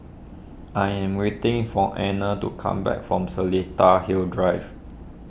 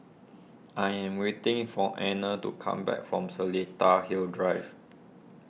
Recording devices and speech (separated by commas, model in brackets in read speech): boundary microphone (BM630), mobile phone (iPhone 6), read sentence